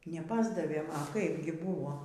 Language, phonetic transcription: Lithuanian, neˈpasdavėm a ˈkaip gi ˈbūvo

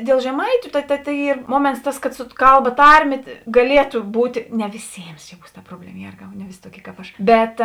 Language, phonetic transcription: Lithuanian, dėl žeˈmaitiu ta ta ta ˈyr ˈmuoments ˈtas kad su ˈkalˌba ˈtarˌmė gaˈlietu ˈbūt' ˈne viˈsėms čia ˈbūs ta ˈproblema ˈjėrgau ne ˈvisi toˈkie kap ˈaš ˈbet

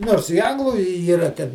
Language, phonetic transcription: Lithuanian, ˈnors i ˈanglu i yˈra ˈten

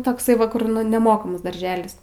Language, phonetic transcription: Lithuanian, tokˈsai ˈva ˈkur nu neˈmokamas darˈželis

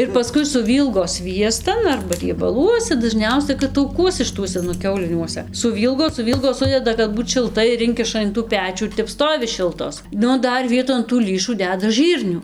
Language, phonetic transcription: Lithuanian, ir paˈskui suˈvylgo ˈsviestan arba riebaˈluose daˈžniausia kad tauˈkuose šɨˈtuose nu ˈkiauliniuose suˈvylgo suˈvylgo ˈsudeda kad ˈbūt šilˈtai ir ˈinkiša in tų ˈpečių ir ˈtep ˈstovi ˈšiltos ˈnu ˈdar ˈvieton tų ˈlįšų ˈdeda ˈžɨrnių

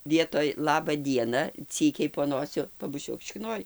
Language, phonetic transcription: Lithuanian, ˈvietoj ˈlaba ˈdiena ˈcykiai po ˈnosiu pabuˈčiuok šikˈnoj

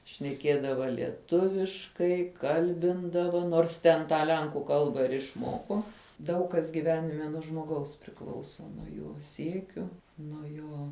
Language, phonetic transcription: Lithuanian, šneˈkiedava lieˈtuviškai ˈkalbindava nors ˈten tą ˈlenkų ˈkalbą ir išˈmoko ˈdaug kas giˈvenime nuo žmoˈgaus priˈklauso jo ˈsiekiu nuo ˈjo

